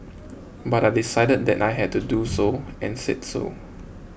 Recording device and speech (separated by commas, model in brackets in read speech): boundary microphone (BM630), read sentence